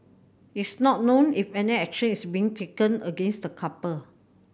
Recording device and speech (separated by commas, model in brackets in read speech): boundary microphone (BM630), read sentence